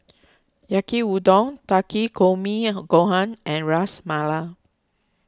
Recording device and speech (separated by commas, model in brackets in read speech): close-talking microphone (WH20), read sentence